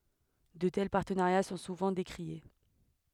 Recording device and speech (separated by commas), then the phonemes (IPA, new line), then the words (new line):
headset microphone, read sentence
də tɛl paʁtənaʁja sɔ̃ suvɑ̃ dekʁie
De tels partenariats sont souvent décriés.